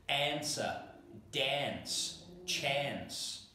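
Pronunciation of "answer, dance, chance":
'Answer', 'dance' and 'chance' are said the Australian English way, with a very Americanized vowel that is different from standard British English.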